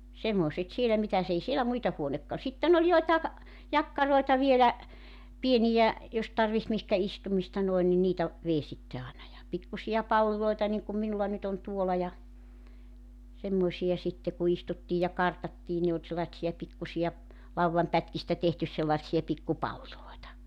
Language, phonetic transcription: Finnish, 'semmòset 'siellä mitäs ‿ei 'sielä 'muita 'huonekka- sitten ‿oĺ 'joitaeᵏ , 'jakkaroeta vielä , 'pienijä , 'jos tarviht mihkä 'istumista noen ni 'niitä , 'vei sitte 'aana ja , 'pikkusi₍a 'palliloita niŋkum 'minulla nyt ‿on 'tuola ja , 'semmoⁱsija sitte ku 'istuttiij ja 'kartattii 'ne ol sellaⁱtsija 'pikkusi₍a , 'lauwvampätkistä 'tehtys sellaᵉtsi₍a 'pikku 'palliloita .
- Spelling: semmoiset siellä mitäs ei siellä muita - sitten oli joitakin jakkaroita vielä pieniä jos tarvitsi mihinkä istumista noin niin niitä vei sitten aina ja pikkuisia palleja niin kuin minulla nyt on tuolla ja semmoisia sitten kun istuttiin ja kartattiin ne oli sellaisia pikkuisia laudanpätkistä tehty sellaisia pikku palleja

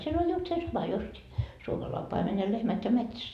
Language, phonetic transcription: Finnish, siel ‿oĺ just se sama justi , 'suomalai paimen ja 'lehmät ja "metsäs .
- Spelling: siellä oli justiin se sama justiin suomalainen paimen ja lehmät ja metsässä

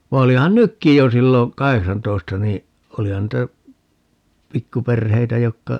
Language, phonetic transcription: Finnish, va 'olihan "nykkij jo 'sillo , "kaheksantoista ni , 'olihan niitä , "pikkuperheitä 'jokka ,.
- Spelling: vaan olihan nytkin jo silloin kahdeksantoista niin olihan niitä pikkuperheitä jotka

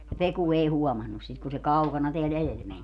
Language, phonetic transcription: Finnish, ja 'Peku 'ei "huɔmannus 'sit kun se "kaukana teäl 'elel meń .
- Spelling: ja Peku ei huomannut sitä kun se kaukana täällä edellä meni

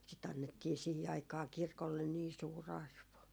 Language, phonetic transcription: Finnish, sit ‿annettii 'sihi aikaa 'kirkollen nii 'suu"r ‿arvo .
- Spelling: sitä annettiin siihen aikaan kirkolle niin suuri arvo

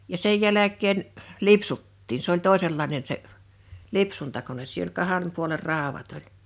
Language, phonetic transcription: Finnish, ja 'sej jäläk̆keen , "lipsuttiin s ‿oĺ 'tòesellainen se , "lipsuntakones sii[nä] ‿oĺ 'kaha(nem) puoler 'ràowat ‿oĺ .
- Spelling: ja sen jälkeen lipsuttiin se oli toisenlainen se lipsuntakone siinä oli kahden puolen raudat oli

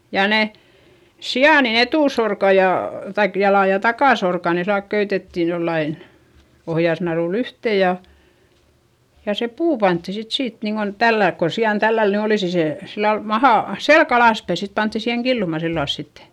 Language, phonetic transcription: Finnish, ja ne , si₍àn etùsorka ja , kaik jala ja takàsorka ne sillalk köytetti jollain , ohjasnarùll ‿yhtè ja , ja se puu pantti sit siit niiŋGon , tälläilk kon̬ si₍an tälläl ny olìsi se , sillal mahà , selk ‿alàspäi sit pantti siheŋ killuma sillals sitte .
- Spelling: ja ne sian etusorkat ja kaikki jalat ja takasorkat ne sillä lailla köytettiin jollakin ohjasnarulla yhteen ja ja se puu pantiin sitten siitä niin kuin tällä lailla kun sian tällä lailla nyt olisi se sillä lailla maha selkä alaspäin sitten pantiin siihen killumaan sillä lailla sitten

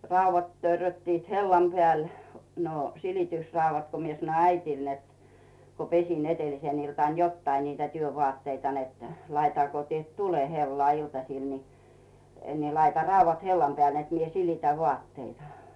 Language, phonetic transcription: Finnish, 'ràuvvat törröttiit "hellam 'pᵉä̀l , no , 'silitysrauvvat ko mie sᵃnoⁱ 'äitìl net , ko 'pesin 'e̳telisen iltàn 'jottai niitä 'työ'votteita net , » 'laita ko tiet 'tule hellᵒà 'iltasìl ni , ni 'laita "rauvvat 'hellam peä̀l net mie 'silitä "vᵘàtteita « .
- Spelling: raudat törröttivät hellan päällä no silitysraudat kun minä sanoin äidille että kun pesin edellisenä iltana jotakin niitä työvaatteita että laita kun teet tulen hellaan iltasilla niin niin laita raudat hellan päälle että minä silitän vaatteita

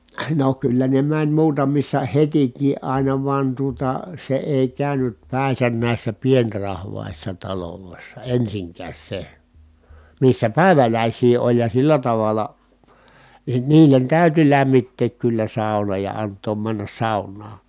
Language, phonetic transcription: Finnish, no kyllä ne mäń muutamissa hetik̀ii àina van tuota , se èi kä̀ynyt pä̀i̮sän nä̀issä pienrahvàissa talolòissa ensiŋkääs se , missä pä̀i̮välä̀is̀ii oĺ ja sillä tavala , nin niilen tä̀yty lämmitteek kyllä sàuna ja ant̆toom männäs sàunnaa .
- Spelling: no kyllä ne meni muutamissa hetikin aina vaan tuota se ei käynyt päinsä näissä pienrahvaissa taloissa ensinkään se missä päiväläisiä oli ja sillä tavalla niin niille täytyi lämmittää kyllä sauna ja antaa mennä saunaan

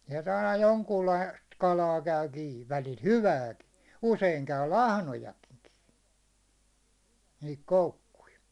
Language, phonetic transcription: Finnish, siel't ‿aina 'joŋkuullaist 'kalaa 'käy kii , 'välil "hyvääki , 'useiŋ 'käy "lahnojakɪɴ kɪɪ , nihik 'koukkui .
- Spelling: sieltä aina jonkunlaista kalaa käy kiinni välillä hyvääkin usein käy lahnojakin kiinni niihin koukkuihin

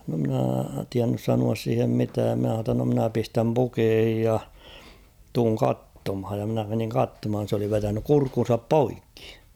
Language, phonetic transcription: Finnish, no mᵎnä̀ 'tiännys sanuas siihem 'mitääm min̬ä h̬aa ‿tta no mᵎnä 'pistäm "pukeehij ja , 'tuuŋ "kattomhaj ja mⁱnä meniŋ 'kattomhan̬ s ‿oli 'vetänyk 'kurkkun̬sap "poikkɪ .
- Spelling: no minä tiennyt sanoa siihen mitään minä sanoin jotta no minä pistän pukeisiin ja tulen katsomaan ja minä menin katsomaan se oli vetänyt kurkkunsa poikki

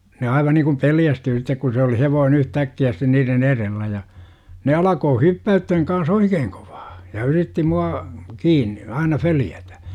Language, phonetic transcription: Finnish, ne 'aiva niŋkum "peljästyy sittek ku se oli 'hevoonEN 'yhtäkki₍ä sitten niiren "erellä ja , ne 'alakoo "hyppä₍ythäŋ kans "oikeeŋ 'kOVAA , ja 'yritti 'mua , "kiinni , aina 'följätä .
- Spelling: ne aivan niin kuin pelästyi sitten kun se oli hevonen yhtäkkiä sitten niiden edellä ja ne alkaa hyppäyttämään kanssa oikein kovaa ja yritti minua kiinni aina följätä

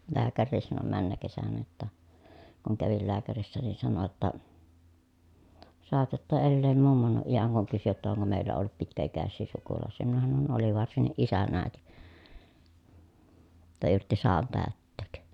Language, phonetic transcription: Finnish, lääkärriis sano männäkesänä jotta , kuŋ kävil lääkärissä nin sano jotta , » saatatta elleem mummonuʼ ʼijäŋ » kuŋ kysy jotta oŋko mèi̮llä ollut pitkä₍ikässii sukulàᵉs̆sii minä hanon » oli varsinniʼ ʼisän ä̀eti , [jot]ta yrtti saan tä̀ötteek » .
- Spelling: lääkärikin sanoi menneenä kesänä jotta kun kävin lääkärissä niin sanoi jotta saatatte elää mummonne iän kun kysyi jotta onko meillä ollut pitkäikäisiä sukulaisia minä sanoin oli varsinkin isän äiti jotta yritti sadan täyttää

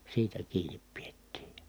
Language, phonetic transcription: Finnish, siitä kiinip piettii .
- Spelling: siitä kiinni pidettiin

